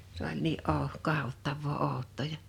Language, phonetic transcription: Finnish, s ‿oĺ 'nii '’ò- , 'kahottavvoo 'òu̬t̆tò ja ,.
- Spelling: se oli niin - katsottavaa outoa ja

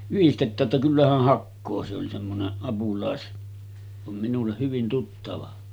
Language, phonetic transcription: Finnish, 'yhistet̆tää ‿ttä kyllä häh "hakkoo « se oli semmonen , apulàes- , vam minulleʰ 'hyvin 'tuttava .
- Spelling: yhdistetään että kyllä hän hakee se oli semmoinen - vaan minulle hyvin tuttava

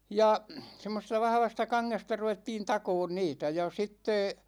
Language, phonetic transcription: Finnish, 'ja , 'semmosesta 'vahvasta 'kaŋŋesta 'ruvettiin 'takoon "niitä ja 'sitte ,.
- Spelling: ja semmoisesta vahvasta kangesta ruvettiin takomaan niitä ja sitten

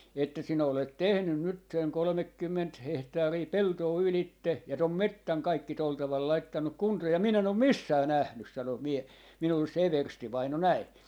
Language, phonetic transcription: Finnish, että sinä olet "tehnyn 'nyt seŋ "kolᵒmekkymment 'hehtaarii "peltoo 'ylitte , ja 'tom "mettäŋ 'kaikki 'tol taval 'laittannuk 'kuntoo ja 'min ‿em om "missää 'nähnys » , 'sano 'mie- , 'minulles se "everstivaino 'näi .
- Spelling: että sinä olet tehnyt nyt sen kolmekymmentä hehtaaria peltoa ylitse ja tuon metsän kaikki tuolla tavalla laittanut kuntoon ja minä en ole missään nähnyt sanoi - minulle se everstivainaja näin

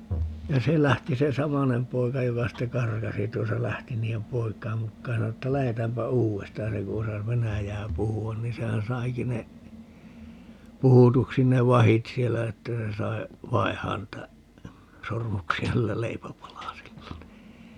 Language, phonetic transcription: Finnish, ja 'se lähti 'se "samanem 'poika 'joka 'sitte "karkasi tuosa - 'lähti 'nii₍em "poik̀aim mukkaaj ja 'sano että » 'lähetäämpä "uu₍estaaj » ja 'se ku osas "venäjää 'puhu₍an ni 'sehän "saiki ne , 'puhutuksi ne "vahit 'siellä 'että se sai , "vaihaan niitä , 'sormuksi₍a ('niillä) "leipäpalasilla nii .
- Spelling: ja se lähti se samainen poika joka sitten karkasi tuossa lähti niiden poikien mukaan ja sanoi että lähdetäänpä uudestaan ja se kun osasi venäjää puhua niin sehän saikin ne puhutuksi ne vahdit siellä että se sai vaihtaa niitä sormuksia niillä leipäpalasilla niin

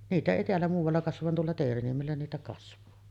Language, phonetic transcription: Finnish, 'niitä èi teällä muuvalla kasvav van 'tuolla 'Teeriniemellä niitä kasv̀aa .
- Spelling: niitä ei täällä muualla kasva vaan tuolla Teeriniemellä niitä kasvaa

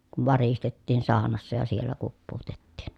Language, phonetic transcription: Finnish, kuv varistettiin saanassa ja siellä kuppuutettiin .
- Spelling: kun varistettiin saunassa ja siellä kuppuutettiin

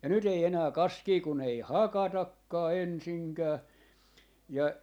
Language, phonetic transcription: Finnish, ja nyt ‿ei 'enää "kaskii kun ‿ei "hakatakkaa 'ensiŋkää , ja ,.
- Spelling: ja nyt ei enää kaskea kun ei hakatakaan ensinkään ja

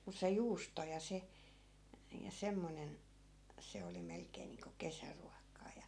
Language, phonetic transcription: Finnish, mus se "juusto ja 'se , ja 'semmonen , 'se oli 'melkeen̆ niiŋko 'kesäruak̆kaa ja .
- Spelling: mutta se juusto ja se ja semmoinen se oli melkein niin kuin kesäruokaa ja

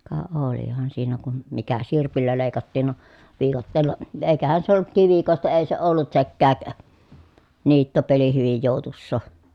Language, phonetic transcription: Finnish, ka olihan siinä kun , mikä sirpillä lèi̮kattiin no , viikatteel̀a , èi̮kähän se ollut kivikòesta èi se ollut sekkääk , niittopeli hyvij jòu̬tussò .
- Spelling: ka olihan siinä kun mikä sirpillä leikattiin no viikatteella eikähän se ollut kivikkoista ei se ollut sekään niittopeli hyvin joutuisaa

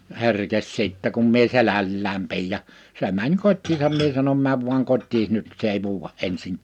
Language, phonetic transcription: Finnish, 'he̬rkes sìttɛ kum mie 'selällääm 'pi̬ij ja , 'se mäń 'kot́tisaam 'mie sanom » 'määv vuaŋ 'kot́tiis 'nyt s ‿ei 'vuuwa’ ˈ’ensiŋk- « .
- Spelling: herkesi sitten kun minä selällään pidin ja se meni kotiinsa minä sanon mene vain kotiisi nyt se ei vuoda -

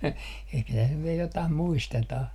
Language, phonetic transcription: Finnish, ehkä täs nyv vie 'jotah 'muistetah .
- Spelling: ehkä tässä nyt vielä jotakin muistetaan

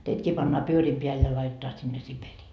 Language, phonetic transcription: Finnish, 'teitkii pannaa 'pyöriim peäl ja laitetaa sinne 'Siperii . »
- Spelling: teidätkin pannaan pyörien päälle ja laitetaan sinne Siperiaan

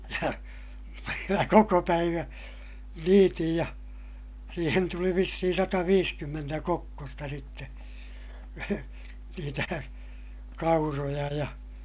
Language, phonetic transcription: Finnish, ja , mä koko päivää̰ , niitij ja , siihen tuli vissihin sataviiskymmentä kokkosta sitte , niitä , kauroja ja , .
- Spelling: ja minä koko päivän niitin ja siihen tuli vissiin sataviisikymmentä kokkosta sitten niitä kauroja ja

